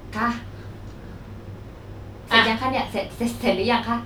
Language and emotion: Thai, frustrated